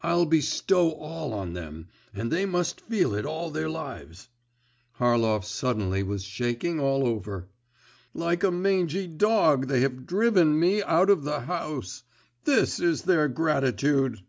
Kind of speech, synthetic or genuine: genuine